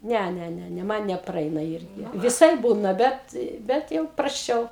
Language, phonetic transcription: Lithuanian, ˈne ˈne ˈne ˈman nepraˈeina ˈirgi viˈsaip ˈbūna ˈbet ˈbet jau prasˈčiau

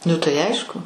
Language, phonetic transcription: Lithuanian, ˈnu tai ˈaišku

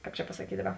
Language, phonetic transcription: Lithuanian, ˈkāp čia pasaˈkyt' ˈdaˌba

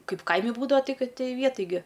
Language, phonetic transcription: Lithuanian, ˈkaip ˈkaimi ˈbūdava ˈti ˈkad ti ˈvieˈtaj gi

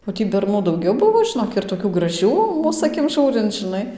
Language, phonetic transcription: Lithuanian, o ˈtį berˈnų dauˈgiau ˈbuvo žiˈnok ir toˈkių graˈžių ˈmūs aˈkim ˈžūrinc žinˈai

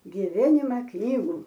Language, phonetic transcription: Lithuanian, giˈvenima ˈknygų

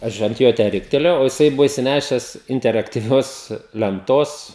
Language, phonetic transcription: Lithuanian, ˈaš ant ˈjo tę ˈriktelėjau o jiˈsai ˈbuvo išsiˈnešes interaktyˈvios lenˈtos

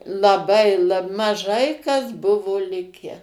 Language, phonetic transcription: Lithuanian, laˈbai ˈla maˈžai kas ˈbuvo ˈlikę

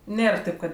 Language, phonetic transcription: Lithuanian, ˈnėr ˈtėp kad

